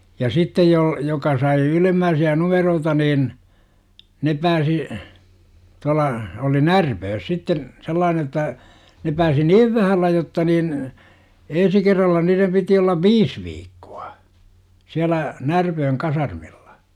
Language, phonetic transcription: Finnish, ja "sittej jol- , 'joka sai 'ylemmääsi₍ä "numeroota nin , 'ne pääsi , 'tual̆la , oli "Närpöös sitten , 'sel̆laane jotta , ne pääsi "niiv vähällä 'jotta niin , 'en̬si kerralla niirem piti ollav "viis 'viikkUA , siälä , "Närpööŋ 'kasarmillA .
- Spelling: ja sitten - joka sai ylempiä numeroita niin ne pääsi tuolla oli Närpiössä sitten sellainen jotta ne pääsi niin vähällä jotta niin ensi kerralla niiden piti olla viisi viikkoa siellä Närpiön kasarmilla

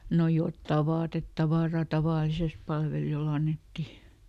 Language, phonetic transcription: Finnish, no ˈjottà "vaatettavàra ˈtavàlises ˈpalveliʲoˈl ‿annetti .
- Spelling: no jotakin vaatetavaraa tavallisesti palvelijoille annettiin

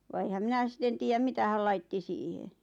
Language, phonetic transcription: Finnish, va 'eⁱhäm "mⁱnä sⁱten "tiijäm "mitä häl 'laitti 'siihe .
- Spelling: vaan enhän minä sitten tiedä mitä hän laittoi siihen

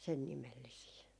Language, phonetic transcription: Finnish, 'sen 'nimellisii .
- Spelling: sen nimellisiä

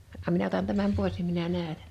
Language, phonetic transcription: Finnish, 'a[nna]m 'minä otan 'tämäm 'pois nim 'minä 'nä̀ötäɴ .
- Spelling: anna minä otan tämän pois niin minä näytän

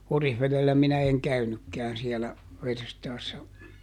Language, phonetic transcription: Finnish, ˈOrihveδellä minä eŋ ˈkäynykkɛän siɛlä , ˈverstaassa .
- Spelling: Orivedellä minä en käynytkään siellä verstaassa

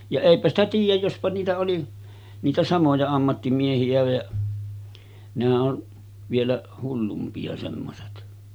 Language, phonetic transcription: Finnish, ja 'èipä ‿stä tiij̆jäj 'jospa niitä oli , 'niitä 'samoja ammattimiehi₍ä ja , nehä’ ’on , vielä 'hullumpi₍a semmoset .
- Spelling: ja eipä sitä tiedä jospa niitä oli niitä samoja ammattimiehiä ja nehän on vielä hullumpia semmoiset

